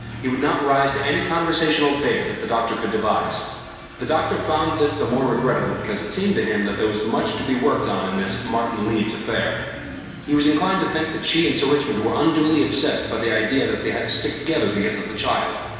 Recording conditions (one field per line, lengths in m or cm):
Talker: one person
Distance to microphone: 1.7 m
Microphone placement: close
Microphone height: 1.0 m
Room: very reverberant, large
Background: music